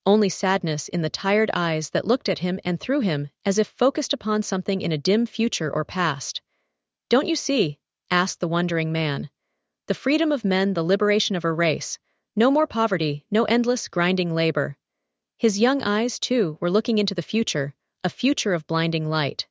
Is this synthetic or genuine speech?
synthetic